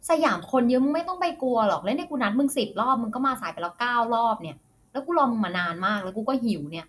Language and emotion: Thai, frustrated